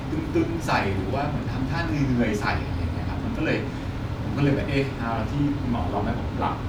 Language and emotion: Thai, frustrated